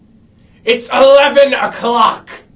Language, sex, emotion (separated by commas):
English, male, angry